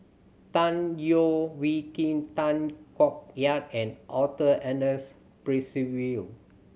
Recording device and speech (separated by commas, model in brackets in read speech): mobile phone (Samsung C7100), read sentence